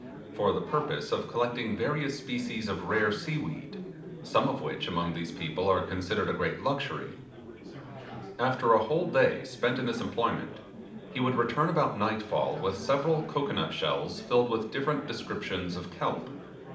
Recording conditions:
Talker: one person; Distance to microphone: 2.0 m; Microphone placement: close; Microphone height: 99 cm; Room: medium-sized (5.7 m by 4.0 m); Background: babble

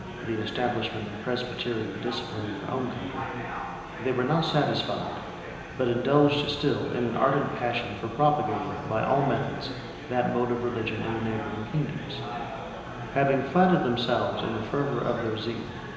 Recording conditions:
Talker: one person; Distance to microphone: 1.7 m; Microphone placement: close; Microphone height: 1.0 m; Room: very reverberant, large; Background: babble

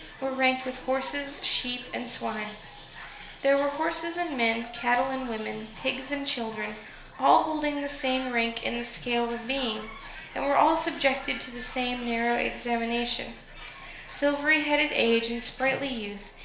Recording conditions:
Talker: one person; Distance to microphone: 1.0 m; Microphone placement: close; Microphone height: 1.1 m; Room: small (3.7 m by 2.7 m); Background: television

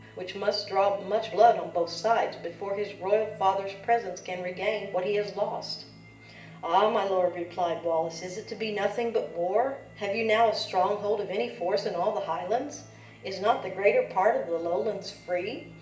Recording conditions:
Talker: one person; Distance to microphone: 1.8 m; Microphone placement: close; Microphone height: 1.0 m; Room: large; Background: music

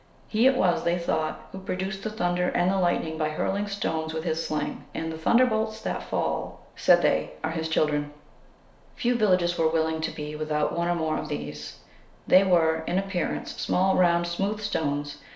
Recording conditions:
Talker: one person; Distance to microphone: 1.0 m; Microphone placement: close; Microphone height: 1.1 m; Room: small (3.7 m by 2.7 m); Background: none

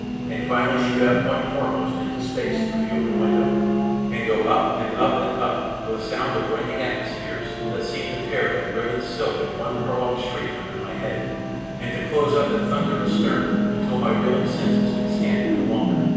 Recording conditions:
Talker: one person; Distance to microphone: 7.1 m; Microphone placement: far; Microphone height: 1.7 m; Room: very reverberant, large; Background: television

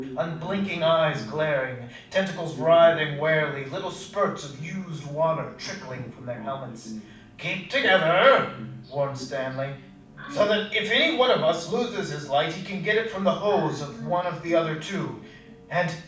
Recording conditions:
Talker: one person; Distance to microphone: 5.8 m; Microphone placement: far; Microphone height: 1.8 m; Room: medium-sized (5.7 m by 4.0 m); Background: television

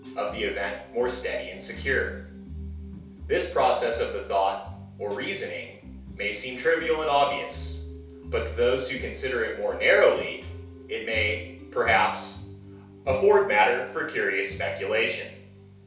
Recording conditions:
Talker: one person; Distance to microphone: 3.0 m; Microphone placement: far; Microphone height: 1.8 m; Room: small (3.7 m by 2.7 m); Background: music

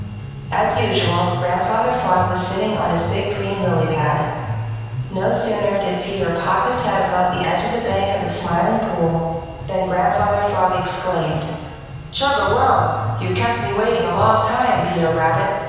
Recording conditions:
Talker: one person; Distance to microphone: 7.1 m; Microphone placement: far; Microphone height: 1.7 m; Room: very reverberant, large; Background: music

